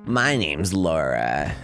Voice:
Gravelly Voice